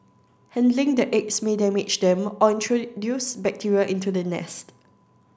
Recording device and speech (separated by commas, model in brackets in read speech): standing microphone (AKG C214), read sentence